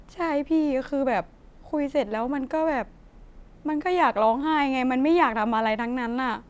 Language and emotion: Thai, sad